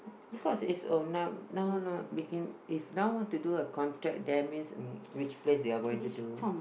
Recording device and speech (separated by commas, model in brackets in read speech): boundary microphone, conversation in the same room